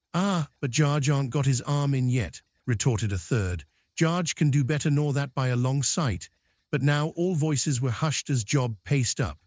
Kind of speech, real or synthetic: synthetic